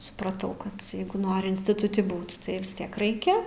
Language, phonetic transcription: Lithuanian, supraˈtau ˈkad ˈjeigu ˈnori instituˈti ˈbūt ˈtai visˈtiek ˈraikia

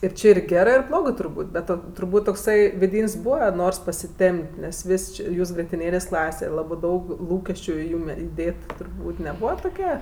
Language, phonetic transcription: Lithuanian, ir ˈči ir ˈgerɜ ir ˈblogɜ turˈbūt' bet ˈo turˈbūt' tokˈsai viˈdyn's'ˈbūva ˈnors pasiˈtemp't' nes ˈvis' či ˈjūs grietiˈnėlės' ˈklase ˈlabɜ ˈdaug ˈlūkesčiu i ˈjūm iˈdėt turˈbūt' neˈbūva tuˈke

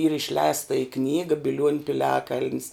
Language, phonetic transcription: Lithuanian, yr išˈleista i ˈknyga biˈliuoniu piˈliakal'n's

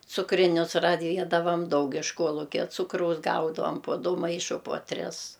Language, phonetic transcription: Lithuanian, cukriˈnius raˈviedavam ˈdaug iš ˈkuolukia ˈcukraus ˈgaudavom po ˈdu ˈmaišu puo ˈtris

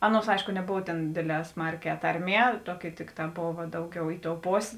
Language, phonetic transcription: Lithuanian, ˈaˌnuos ˈaišku neˈbov tėn ˈdėdˌlē ˈsmarˌkē ˈtarˌmie ˈtuoˌki ˈtikˌtā ˈbova ˈdauˌgiau i tou ˈposė

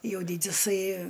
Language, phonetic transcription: Lithuanian, ˈjau ˈdydisai

